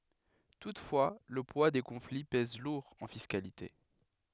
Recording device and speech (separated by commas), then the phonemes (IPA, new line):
headset microphone, read sentence
tutfwa lə pwa de kɔ̃fli pɛz luʁ ɑ̃ fiskalite